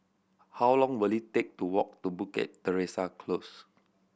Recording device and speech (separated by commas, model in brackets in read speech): boundary microphone (BM630), read sentence